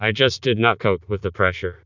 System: TTS, vocoder